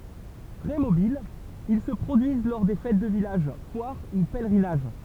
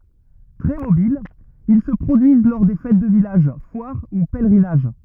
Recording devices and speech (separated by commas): temple vibration pickup, rigid in-ear microphone, read sentence